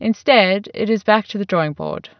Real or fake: real